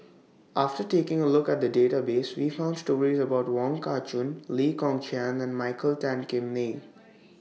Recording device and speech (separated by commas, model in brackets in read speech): mobile phone (iPhone 6), read sentence